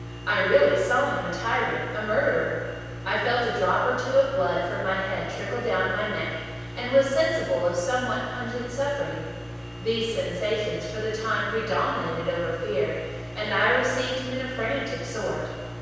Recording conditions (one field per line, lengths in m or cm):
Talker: one person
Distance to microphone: 7.1 m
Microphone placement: far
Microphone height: 1.7 m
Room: very reverberant, large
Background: none